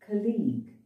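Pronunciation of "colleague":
'Colleague' is pronounced incorrectly here.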